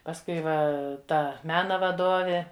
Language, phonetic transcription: Lithuanian, pasˈkui ˈva ˈta ˈmena vaˈdovė

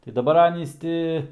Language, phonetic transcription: Lithuanian, tai daˈbar ˈanys ti

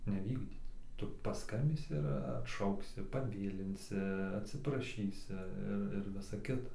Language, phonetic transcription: Lithuanian, neˈvykdyt ˈtu paˈskambysi ir atˈšauksi paˈvėlinsi atsipraˈšysi ˈir ir ˈvisa ˈkita

